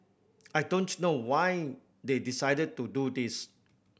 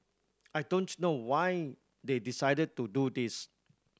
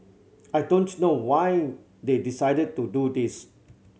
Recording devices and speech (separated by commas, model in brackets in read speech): boundary microphone (BM630), standing microphone (AKG C214), mobile phone (Samsung C7100), read sentence